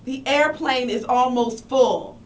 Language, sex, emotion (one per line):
English
female
angry